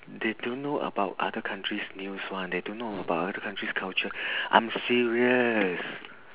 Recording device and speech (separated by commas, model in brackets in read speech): telephone, conversation in separate rooms